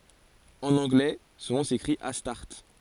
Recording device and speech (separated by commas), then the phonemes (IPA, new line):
forehead accelerometer, read sentence
ɑ̃n ɑ̃ɡlɛ sɔ̃ nɔ̃ sekʁit astaʁt